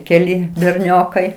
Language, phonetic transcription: Lithuanian, keˈli berˈniokai

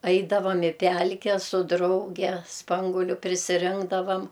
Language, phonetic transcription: Lithuanian, ˈaidavam i ˈpælke su ˈdrauge ˈspanguoliu prisiˈrinkdavam

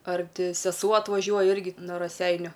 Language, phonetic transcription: Lithuanian, ar ˈti seˈsuo atvaˈžiuoja ˈirgi no raˈseiniu

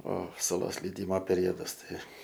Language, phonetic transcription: Lithuanian, o suˈlos leiˈdymo peˈriodas ˈtai

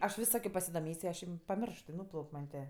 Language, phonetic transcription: Lithuanian, aš ˈvis ˈsakio pasidoˈmės' i ˈaš im paˈmiršt i ˈnūplauk' man' tė

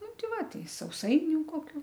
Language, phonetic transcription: Lithuanian, ˈnu ˈti ˈva ˈtai sauˈsainiu koˈkių

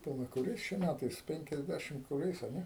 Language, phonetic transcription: Lithuanian, paˈla kuˈriais čia ˈmætais penkiasˈdæšim kuˈriais a ˈne

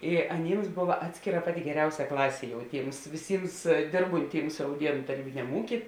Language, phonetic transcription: Lithuanian, i aˈnyms ˈbova ˈatskėˌra ˈpaˌti geˈriausia ˈklasė jau ˈtyms viˈsyms ˈdėrbunˌtyms rauˈdienu taˈrybiniam ˈūky

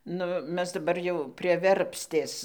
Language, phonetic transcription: Lithuanian, ˈnu ˈmes daˈbar jau prie ˈverpstės

